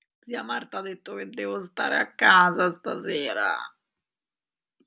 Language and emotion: Italian, sad